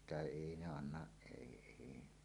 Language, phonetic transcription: Finnish, sitä "èi 'ne 'annaˀ 'ˀèi èi .
- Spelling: sitä ei ne anna ei ei

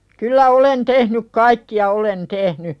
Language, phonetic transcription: Finnish, kyllä "olen 'tehnyk kaikki₍a "olen 'tehny .
- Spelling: kyllä olen tehnyt kaikkia olen tehnyt

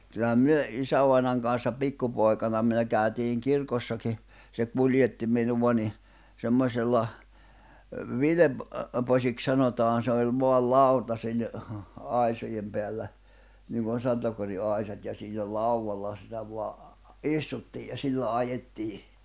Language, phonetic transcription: Finnish, kyllä 'myö , 'isävainaŋ kanssa 'pikkupoi̬kana myö kä̀ytiiŋ 'kirkossaki , se 'kuljetti minuva ni , 'senmosella , 'vilep- , -posik 'sanotaan se oĺ voal "lau̬ta sil̜- , 'ài̬sojem peällä , niŋkon̬ 'sontakoti '’àisat ja siinä 'lauwwalla sitä vo̭a , "’istuttii ja 'sillä 'ajettii .
- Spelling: kyllä me isävainajan kanssa pikkupoikana me käytiin kirkossakin se kuljetti minua niin semmoisella - vilposiksi sanotaan se oli vain lauta - aisojen päällä niin kuin sontakotin aisat ja siinä laudalla sitä vain istuttiin ja sillä ajettiin

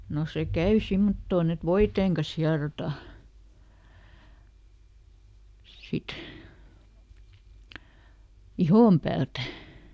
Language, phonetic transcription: Finnish, no ˈse "käy ˈsimmottoon ‿et "voiteeŋ kas ˈhiarota , ˈsit , "ihom päältä .
- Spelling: no se käy semmottoon että voiteen kanssa hierotaan sitten ihon päältä

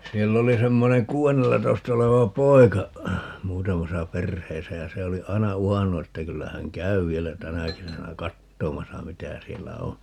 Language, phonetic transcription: Finnish, 'siell ‿oli 'semmoneŋ "kuu₍ennellatoista oleva "poi̮ka , 'muutamasa "perheesä ja 'se oli 'ai̮na "uhannu että 'kyllä häŋ "käy 'vielä "tänä kesänä "kattomasa 'mitä 'siellä "o .
- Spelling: siellä oli semmoinen kuudennellatoista oleva poika muutamassa perheessä ja se oli aina uhannut että kyllä hän käy vielä tänä kesänä katsomassa mitä siellä on

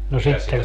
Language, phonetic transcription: Finnish, no sitte ,.
- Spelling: no sitten

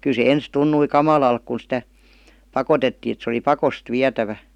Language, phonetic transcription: Finnish, 'kyl se "ens 'tunnui "kamalalk kun̬ sⁱtä , "pakotettii et se °li "pakost 'viätävä .
- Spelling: kyllä se ensin tuntui kamalalta kun sitä pakotettiin että se oli pakosti vietävä

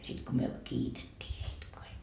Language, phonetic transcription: Finnish, 'sit ko myö , "kiitettii heit ko hei ,.
- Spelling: sitten kun me kiitettiin heitä kun he

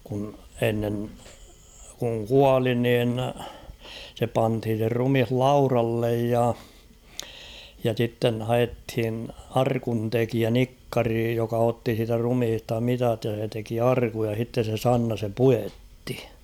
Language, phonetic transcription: Finnish, kun 'ennen , kuŋ "kuali nin , se 'panthin̬ se 'rumih "laurallej ja , ja sitten̳ 'haʲethin "arkun'tekiä "nikkari joka 'otti siitä 'rumhista "mitat ja se teki "arkuj ja h̬itte se "Sanna sem "pujettɪ .
- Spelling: kun ennen kun kuoli niin se pantiin se ruumis laudalle ja ja sitten haettiin arkuntekijä nikkari joka otti siitä ruumiista mitat ja se teki arkun ja sitten se Sanna sen puetti

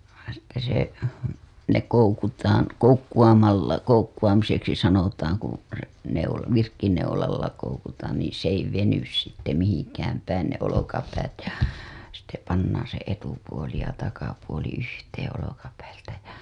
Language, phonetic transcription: Finnish, sitte se , ne koukutaan , 'koukku‿amalla , 'koukku‿amiseksi sanotaaŋ kuṵ , se neula- , 'virkkineulalla koukutaan nii s ‿ei 'venys sitte mihiŋkääm päin ne olokapäät ja , sitte pannaaa̰ se etupuoli ja takapuoli yhteeḛ olokapäiltä ja .
- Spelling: sitten se ne koukutaan koukkuamalla koukkuamiseksi sanotaan kun se - virkkuuneulalla koukutaan niin se ei veny sitten mihinkään päin ne olkapäät ja sitten pannaan se etupuoli ja takapuoli yhteen olkapäiltä ja

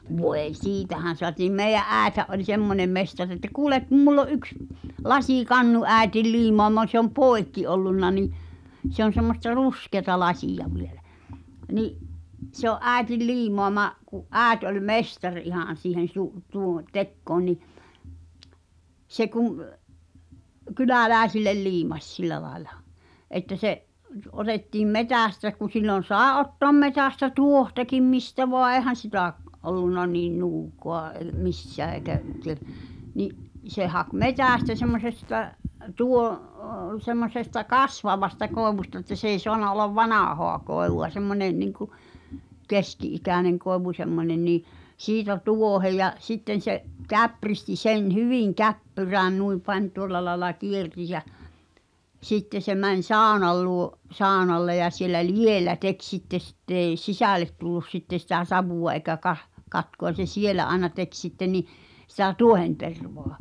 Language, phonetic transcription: Finnish, 'voeⁱ "siitähän̬ soatiim 'meij̆jä’ "’ääethä’ ’oĺ "semmonem 'mestar että 'kuulek kum mull ‿o ’yks , "lasìkannu 'ä̀i̬til 'liimoama se ‿om "pòi̬kki ollunna ni’ , se ‿on̬ semmosta "ruskeăta 'lasìja 'vielä , ni’ , se ‿o’ '’ä̀i̬til 'liimoama’ , ku’ "’ääet oĺ "mestar ihàn̬ siihen̬ su- , tuu- 'tekkoon ni , se kum , "kylä̀lä̀i̬sillel 'liimaś "sil̆lä lai̬la , että se’ , 'otettiim "metä̀stä ku sillon̬ "sàe ’ottoăm 'metä̀stä "tuohtakim 'mistä voa "eehän̬ sitä’ , 'ollunna niin "nuuk̀oa ei̬ "missää eĭkä , ke- , ni’ , se 'hak "metä̀stä semmosestä̳ , tuo- (o-) , semmos̀esta "kasvavasta koevusta että s ‿ei 'soana ollav "vanàhoa 'koevu₍a semmońeⁿ , niŋku , 'keski’ikä̀neŋ koevu semmońen nii , 'siitä "tuohe ja , 'sitten̬ se’ , 'käpristi 'sen "hyvìŋ 'käppyrään 'nui pań "tuol̆la laela 'kierti jä͔ , 'sitte se mäń "sàonal luo’ , 'sàonalle ja siel̆lä "liʲèllä 'tek sitte 'sitt ‿ei , "sisä̀let tullus 'sitte sitä 'savù₍a eĭkä kah- , katku₍a [n]in̬ se "sielä aena 'tek sitte ni , sⁱtä "tuohentervoa .
- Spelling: voi siitähän saatiin meidän äitihän oli semmoinen mestari että kuule kun minulla on yksi lasikannu äidin liimaama se on poikki ollut niin se on semmoista ruskeata lasia vielä niin se on äidin liimaama kun äiti oli mestari ihan siihen - - tekoon niin se kun kyläläisille liimasi sillä lailla että se otettiin metsästä kun silloin sai ottaa metsästä tuohtakin mistä vain eihän sitä ollut niin nuukaa ei missään eikä - niin se haki metsästä semmoisesta - - semmoisesta kasvavasta koivusta että se ei saanut olla vanhaa koivua semmoinen niin kuin keski-ikäinen koivu semmoinen niin siitä tuohen ja sitten se käpristi sen hyvin käppyrään noin pani tuolla lailla kiersi ja sitten se meni saunan luo saunalle ja siellä likellä teki sitten sitten ei sisälle tullut sitten sitä savua eikä - katkua niin se siellä aina teki sitten niin sitä tuohentervaa

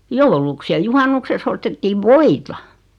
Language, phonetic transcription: Finnish, 'jouluks ja 'juhannukseks ‿ostettiiv "voita .
- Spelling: jouluksi ja juhannukseksi ostettiin voita

